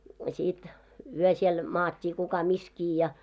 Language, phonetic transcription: Finnish, sit , 'yö siel , 'maat́t́ii kuka 'miskii ja .
- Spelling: sitten yö siellä maattiin kuka missäkin ja

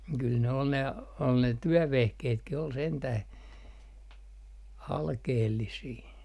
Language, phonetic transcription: Finnish, kyl ne ol ne , ol ne 'työvehkeetkih ‿ol 'sentäh , 'alkeellisii .
- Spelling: kyllä ne oli ne oli ne työvehkeetkin oli sentään alkeellisia

